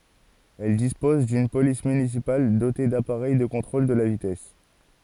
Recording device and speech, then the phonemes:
forehead accelerometer, read sentence
ɛl dispɔz dyn polis mynisipal dote dapaʁɛj də kɔ̃tʁol də la vitɛs

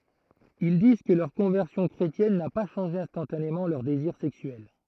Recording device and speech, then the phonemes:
throat microphone, read sentence
il diz kə lœʁ kɔ̃vɛʁsjɔ̃ kʁetjɛn na pa ʃɑ̃ʒe ɛ̃stɑ̃tanemɑ̃ lœʁ deziʁ sɛksyɛl

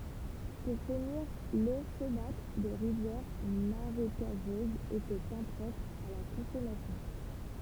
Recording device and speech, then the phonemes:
temple vibration pickup, read sentence
puʁ finiʁ lo somatʁ də ʁivjɛʁ maʁekaʒøzz etɛt ɛ̃pʁɔpʁ a la kɔ̃sɔmasjɔ̃

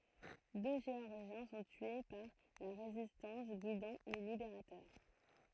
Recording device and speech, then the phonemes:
throat microphone, read sentence
dø ʒeɔʁʒjɛ̃ sɔ̃ tye paʁ la ʁezistɑ̃s ɡidɑ̃ le libeʁatœʁ

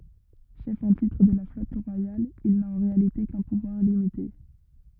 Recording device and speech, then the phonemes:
rigid in-ear microphone, read sentence
ʃɛf ɑ̃ titʁ də la flɔt ʁwajal il na ɑ̃ ʁealite kœ̃ puvwaʁ limite

